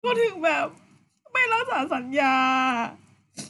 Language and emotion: Thai, sad